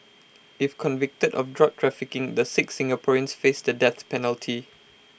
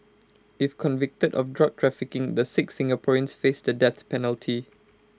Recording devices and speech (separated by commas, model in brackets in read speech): boundary microphone (BM630), close-talking microphone (WH20), read sentence